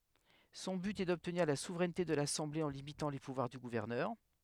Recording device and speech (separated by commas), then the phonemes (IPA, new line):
headset microphone, read sentence
sɔ̃ byt ɛ dɔbtniʁ la suvʁɛnte də lasɑ̃ble ɑ̃ limitɑ̃ le puvwaʁ dy ɡuvɛʁnœʁ